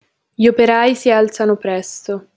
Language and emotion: Italian, sad